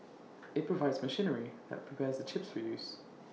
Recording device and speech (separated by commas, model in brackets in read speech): mobile phone (iPhone 6), read sentence